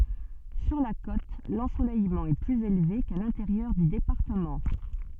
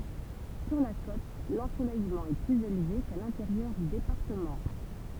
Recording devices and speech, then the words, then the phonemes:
soft in-ear microphone, temple vibration pickup, read sentence
Sur la côte, l'ensoleillement est plus élevé qu'à l'intérieur du département.
syʁ la kot lɑ̃solɛjmɑ̃ ɛ plyz elve ka lɛ̃teʁjœʁ dy depaʁtəmɑ̃

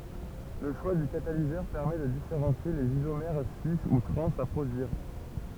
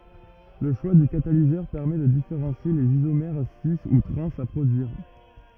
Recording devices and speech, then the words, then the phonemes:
temple vibration pickup, rigid in-ear microphone, read sentence
Le choix du catalyseur permet de différencier les isomères cis ou trans à produire.
lə ʃwa dy katalizœʁ pɛʁmɛ də difeʁɑ̃sje lez izomɛʁ si u tʁɑ̃z a pʁodyiʁ

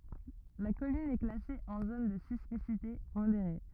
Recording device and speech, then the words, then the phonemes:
rigid in-ear microphone, read sentence
La commune est classée en zone de sismicité modérée.
la kɔmyn ɛ klase ɑ̃ zon də sismisite modeʁe

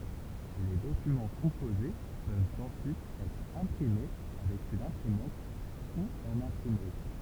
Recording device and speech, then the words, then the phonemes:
temple vibration pickup, read sentence
Les documents composés peuvent ensuite être imprimés avec une imprimante ou en imprimerie.
le dokymɑ̃ kɔ̃poze pøvt ɑ̃syit ɛtʁ ɛ̃pʁime avɛk yn ɛ̃pʁimɑ̃t u ɑ̃n ɛ̃pʁimʁi

